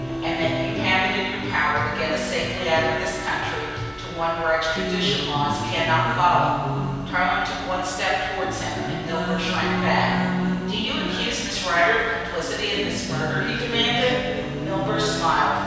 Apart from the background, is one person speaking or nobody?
One person.